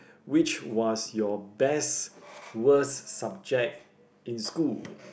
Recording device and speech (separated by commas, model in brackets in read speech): boundary microphone, conversation in the same room